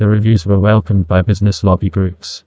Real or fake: fake